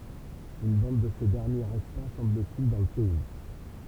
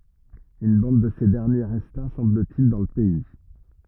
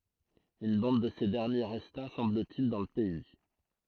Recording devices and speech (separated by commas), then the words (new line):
temple vibration pickup, rigid in-ear microphone, throat microphone, read sentence
Une bande de ces derniers resta, semble-t-il, dans le pays.